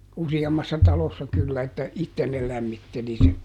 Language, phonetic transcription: Finnish, ˈusi₍ammassa ˈtalossa kyllä että , "itten ne ˈlämmitteli sen .
- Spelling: useammassa talossa kyllä että itse ne lämmitteli sen

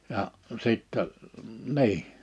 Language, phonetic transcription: Finnish, ja , 'sittɛ , 'ni̬i .
- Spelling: ja sitten niin

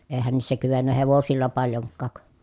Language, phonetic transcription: Finnish, èi̮hän niissä kyvennä hevosilla paljoŋkkàk .
- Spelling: eihän niissä kyennyt hevosilla paljonkaan

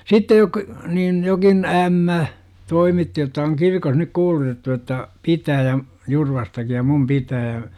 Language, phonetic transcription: Finnish, sittej jok- , 'niin jokin , "ämmä , 'toimitti jotta oŋ "kirkon nyk 'kuulutettu jotta , "pitää ja , 'Jurvastaki ja "mum 'pitää ,.
- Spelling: sitten - niin jokin ämmä toimitti jotta on kirkon nyt kuulutettu jotta pitää ja Jurvastakin ja minun pitää

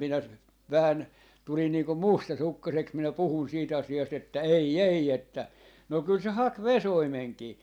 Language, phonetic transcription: Finnish, minä , 'vähän , 'tulin niiŋkum "mustasukkaseks minä 'puhun siit 'asi₍ast että » 'ei 'ei että » no 'kyl se 'hak "vesoimeŋkii .
- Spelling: minä vähän tulin niin kuin mustasukkaiseksi minä puhuin siitä asiasta että ei ei että no kyllä se haki vesoimenkin

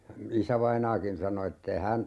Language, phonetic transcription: Finnish, 'isävainaakin 'sano ette(i) "hän , .
- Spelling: isävainaakin sanoi että ei hän

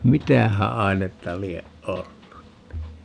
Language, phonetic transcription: Finnish, "mitähä 'ai̮netta 'lieʼ "ʼollun ni ?
- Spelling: mitähän ainetta lie ollut niin

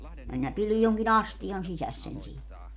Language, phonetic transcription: Finnish, minä 'pilij joŋki"n ‿astijan 'sisäs sen siin .
- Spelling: minä pidin jonkin astian sisässä sen siinä

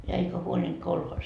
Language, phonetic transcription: Finnish, ja 'eikä huoĺint 'kolhoos .
- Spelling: ja eikä huolinut kolhoosi

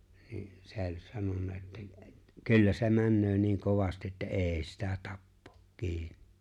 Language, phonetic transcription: Finnish, nin , 'sè̬ ‿o͕ĺ 'sanonna että , » 'kyllä se 'männöö 'niiŋ "kovasti ’että "’ê̬ sitä 'tappᴏᴏ , 'kiin̆nɪ « .
- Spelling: niin se oli sanonut että kyllä se menee niin kovasti että ei sitä tapaa kiinni

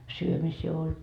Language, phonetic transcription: Finnish, 'syömisii ol .
- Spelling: syömisiä oli

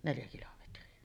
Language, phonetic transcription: Finnish, 'neljä kilometri₍a .
- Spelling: neljä kilometriä

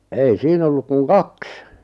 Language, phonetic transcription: Finnish, 'ei 'siin ‿olluk 'kuŋ "kaks .
- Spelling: ei siinä ollut kuin kaksi

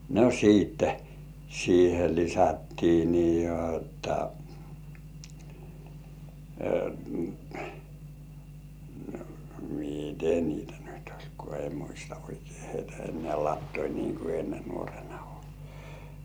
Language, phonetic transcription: Finnish, no "siitte , siihe 'lisättii ni 'jotta , "mite 'niitä nyt oĺ ko ei 'muista oikᴇɪ hᴇɪtᴀ̈ 'ennĕä̀ "lattoi niiŋ ku enne 'nuorᴇɴᴀ ollᴇssᴀ .
- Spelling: no sitten siihen lisättiin niin jotta miten niitä nyt oli kun ei muista oikein heitä enää latoa niin kuin ennen nuorena ollessa

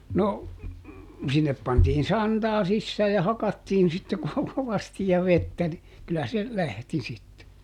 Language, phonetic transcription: Finnish, no , ˈsinnep pantiin "santaa ˈsissää ja "hakattiin sitte ˈko- kovasti ja "vettä ni , kyllä se , "lähti sitte .
- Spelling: no sinne pantiin santaa sisään ja hakattiin sitten - kovasti ja vettä niin kyllä se lähti sitten

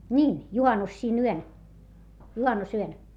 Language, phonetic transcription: Finnish, ńiin , juhannus siin ‿yön , juhannusyön .
- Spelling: niin juhannus siinä yönä juhannusyönä

